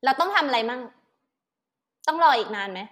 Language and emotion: Thai, frustrated